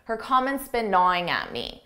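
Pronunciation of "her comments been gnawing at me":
The auxiliary verb 'has' is contracted onto the subject, so 'her comment has been' is heard as 'her comment's been'.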